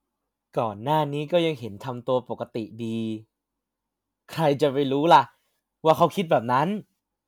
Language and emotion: Thai, happy